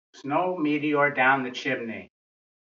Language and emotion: English, disgusted